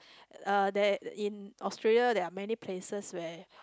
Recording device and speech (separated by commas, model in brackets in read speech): close-talking microphone, conversation in the same room